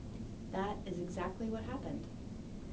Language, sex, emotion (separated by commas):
English, female, neutral